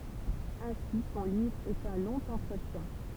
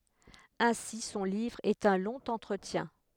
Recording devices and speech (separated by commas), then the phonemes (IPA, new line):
temple vibration pickup, headset microphone, read sentence
ɛ̃si sɔ̃ livʁ ɛt œ̃ lɔ̃ ɑ̃tʁətjɛ̃